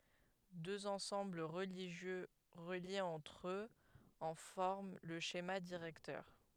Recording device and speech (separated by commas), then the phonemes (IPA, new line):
headset microphone, read sentence
døz ɑ̃sɑ̃bl ʁəliʒjø ʁəljez ɑ̃tʁ øz ɑ̃ fɔʁm lə ʃema diʁɛktœʁ